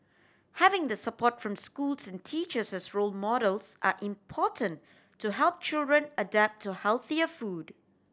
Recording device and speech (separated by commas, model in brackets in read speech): standing microphone (AKG C214), read sentence